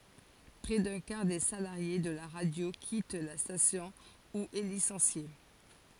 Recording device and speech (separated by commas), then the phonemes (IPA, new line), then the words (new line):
forehead accelerometer, read sentence
pʁɛ dœ̃ kaʁ de salaʁje də la ʁadjo kit la stasjɔ̃ u ɛ lisɑ̃sje
Près d'un quart des salariés de la radio quitte la station ou est licencié.